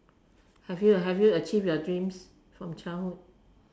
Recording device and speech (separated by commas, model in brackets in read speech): standing microphone, conversation in separate rooms